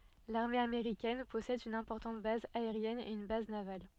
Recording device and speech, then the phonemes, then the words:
soft in-ear microphone, read sentence
laʁme ameʁikɛn pɔsɛd yn ɛ̃pɔʁtɑ̃t baz aeʁjɛn e yn baz naval
L'armée américaine possède une importante base aérienne et une base navale.

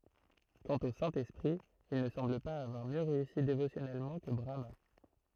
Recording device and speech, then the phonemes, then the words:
throat microphone, read sentence
kɑ̃t o sɛ̃ ɛspʁi il nə sɑ̃bl paz avwaʁ mjø ʁeysi devosjɔnɛlmɑ̃ kə bʁama
Quant au Saint-Esprit, il ne semble pas avoir mieux réussi dévotionnellement que Brahmâ.

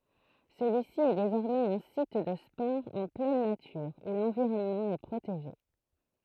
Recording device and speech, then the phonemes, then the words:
throat microphone, read sentence
səlyisi ɛ dezɔʁmɛz œ̃ sit də spɔʁz ɑ̃ plɛn natyʁ u lɑ̃viʁɔnmɑ̃ ɛ pʁoteʒe
Celui-ci est désormais un site de sports en pleine nature où l'environnement est protégé.

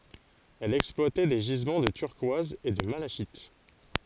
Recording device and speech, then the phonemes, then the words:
forehead accelerometer, read sentence
ɛl ɛksplwatɛ de ʒizmɑ̃ də tyʁkwaz e də malaʃit
Elle exploitait des gisements de turquoise et de malachite.

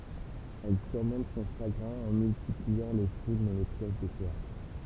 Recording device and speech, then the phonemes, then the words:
temple vibration pickup, read sentence
ɛl syʁmɔ̃t sɔ̃ ʃaɡʁɛ̃ ɑ̃ myltipliɑ̃ le filmz e le pjɛs də teatʁ
Elle surmonte son chagrin en multipliant les films et les pièces de théâtre.

